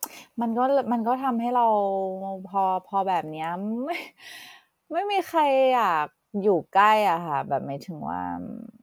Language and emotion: Thai, frustrated